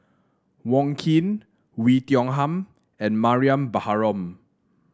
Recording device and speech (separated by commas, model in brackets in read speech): standing microphone (AKG C214), read sentence